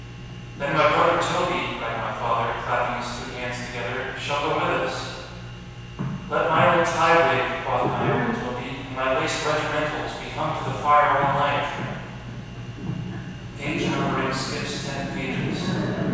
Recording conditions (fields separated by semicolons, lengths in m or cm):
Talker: one person; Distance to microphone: 7.1 m; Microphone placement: far; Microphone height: 1.7 m; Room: very reverberant, large; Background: television